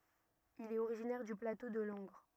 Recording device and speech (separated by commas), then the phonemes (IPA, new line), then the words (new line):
rigid in-ear microphone, read sentence
il ɛt oʁiʒinɛʁ dy plato də lɑ̃ɡʁ
Il est originaire du plateau de Langres.